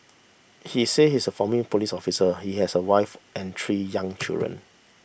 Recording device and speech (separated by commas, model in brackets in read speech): boundary microphone (BM630), read sentence